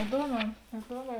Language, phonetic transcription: Lithuanian, iˈduoˌmē iˈduoˌmē

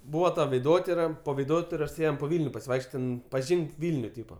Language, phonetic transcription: Lithuanian, ˈbūva ta veiˈdotira po veiˈdotiros ˈėjem po ˈvylniu pasiˈvaikšˈčiot' ˈten paˈžynk ˈvilniu ˈtypa

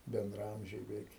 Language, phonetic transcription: Lithuanian, bendraˈamžiai beˈveik

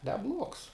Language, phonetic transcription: Lithuanian, neˈbluogs

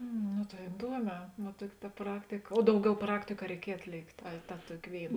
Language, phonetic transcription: Lithuanian, ˈnu tai iˈduoˌmē va ˈtuoki ta ˈpraktika o ˈdauˌgiau ˈpraktiku a reiˈkiej atˈlėktė a ta ˈtuoki ˈvėiˌna

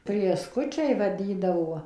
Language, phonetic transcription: Lithuanian, prėˈskučiai vaˈdydavuo

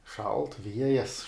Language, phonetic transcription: Lithuanian, šalt ˈviejas

